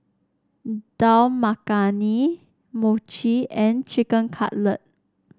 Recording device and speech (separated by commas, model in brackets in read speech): standing microphone (AKG C214), read sentence